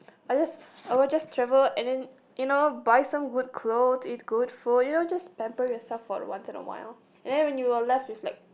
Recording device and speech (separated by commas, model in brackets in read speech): boundary microphone, conversation in the same room